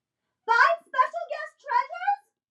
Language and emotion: English, angry